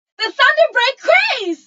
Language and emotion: English, disgusted